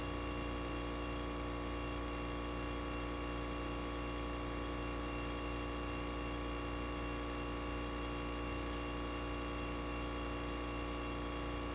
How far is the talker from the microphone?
No talker.